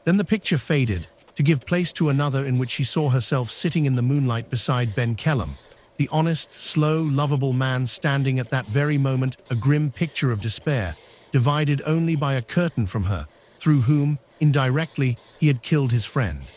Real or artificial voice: artificial